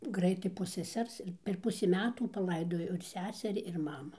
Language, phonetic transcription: Lithuanian, ˈgraitai po seˈsers ir per ˈpusį ˈmetų paˈlaidojo ir ˈseseri ir ˈmamu

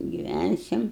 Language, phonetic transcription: Lithuanian, giˈvænsim

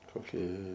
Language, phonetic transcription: Lithuanian, koˈkie

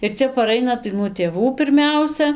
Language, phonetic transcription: Lithuanian, ir ˈcia paˈraina tai nuo tėˈvų pirˈmiausia

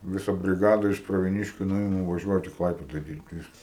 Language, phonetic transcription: Lithuanian, ˈvisa briˈgada iš pravieˈniškiu ˈnuima i vaˈžiuojat i ˈklaipėda ˈdyrbt ˈviskas

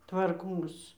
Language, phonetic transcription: Lithuanian, tvarˈkos

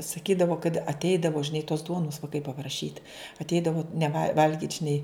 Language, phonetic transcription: Lithuanian, saˈkydavo kad atˈeidavo žiˈnai tos ˈduonus vaiˈkai papraˈšyt atˈeidavo neˈva ˈvalgyt' žiˈnai

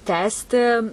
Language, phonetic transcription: Lithuanian, ˈtęsti

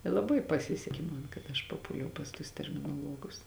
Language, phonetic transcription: Lithuanian, i laˈbai paˈsiseki man kad aš paˈpūliau pas tuos terminoˈluogus

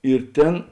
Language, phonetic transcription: Lithuanian, ir ˈtėn

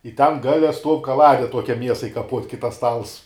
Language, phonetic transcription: Lithuanian, i ten ˈgale stuov' kaˈlade ˈtuokia ˈmiesai kaˈpuot' kai tas ˈstals

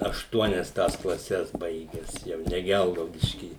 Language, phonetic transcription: Lithuanian, ašˈtuonias tas klaˈses ˈbaiges ˈjau ne ˈgelgaudišky

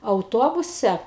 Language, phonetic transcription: Lithuanian, auˈtobuse

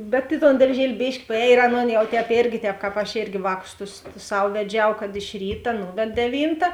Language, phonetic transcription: Lithuanian, bet i ton darˈžieli ˈbėški paˈēj ir ˈaˌnon ˈjau tēpˈėrgi ˈtēp ˈkāp ašˈėrgi ˈvāˌkus tus ˈsav veˈdžiau ˈkad iš ˈryta ˈnūved deˈvynta

